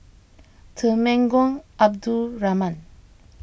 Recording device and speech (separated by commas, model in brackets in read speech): boundary microphone (BM630), read sentence